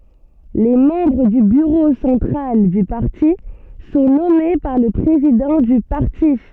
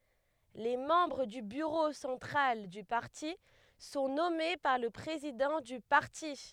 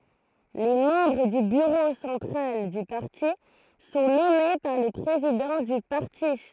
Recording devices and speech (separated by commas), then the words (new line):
soft in-ear microphone, headset microphone, throat microphone, read sentence
Les membres du bureau central du parti sont nommés par le président du parti.